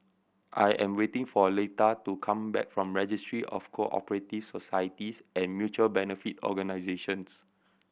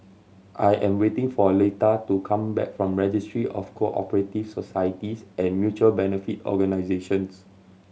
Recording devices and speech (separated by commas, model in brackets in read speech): boundary microphone (BM630), mobile phone (Samsung C7100), read sentence